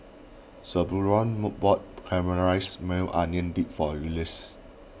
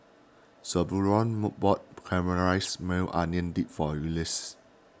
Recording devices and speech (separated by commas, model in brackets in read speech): boundary microphone (BM630), standing microphone (AKG C214), read sentence